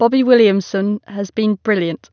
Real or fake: real